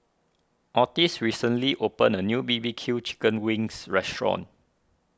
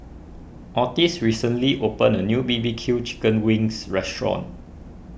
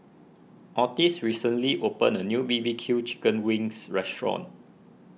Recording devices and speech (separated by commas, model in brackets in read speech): standing microphone (AKG C214), boundary microphone (BM630), mobile phone (iPhone 6), read sentence